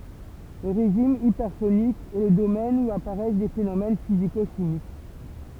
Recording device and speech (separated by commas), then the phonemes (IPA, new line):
temple vibration pickup, read sentence
lə ʁeʒim ipɛʁsonik ɛ lə domɛn u apaʁɛs de fenomɛn fiziko ʃimik